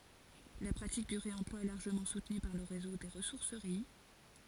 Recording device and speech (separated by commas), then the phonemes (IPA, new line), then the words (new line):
forehead accelerometer, read sentence
la pʁatik dy ʁeɑ̃plwa ɛ laʁʒəmɑ̃ sutny paʁ lə ʁezo de ʁəsuʁsəʁi
La pratique du réemploi est largement soutenue par le réseau des ressourceries.